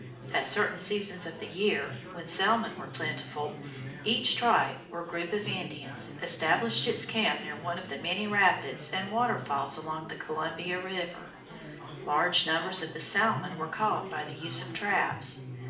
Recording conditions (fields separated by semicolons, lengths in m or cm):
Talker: one person; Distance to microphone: 2.0 m; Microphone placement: close; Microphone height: 99 cm; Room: medium-sized (5.7 m by 4.0 m); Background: babble